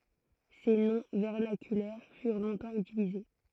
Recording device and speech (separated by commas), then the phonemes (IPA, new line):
throat microphone, read sentence
se nɔ̃ vɛʁnakylɛʁ fyʁ lɔ̃tɑ̃ ytilize